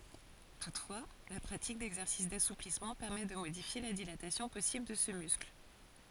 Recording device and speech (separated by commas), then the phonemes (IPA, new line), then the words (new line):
forehead accelerometer, read sentence
tutfwa la pʁatik dɛɡzɛʁsis dasuplismɑ̃ pɛʁmɛ də modifje la dilatasjɔ̃ pɔsibl də sə myskl
Toutefois, la pratique d'exercices d'assouplissement permet de modifier la dilatation possible de ce muscle.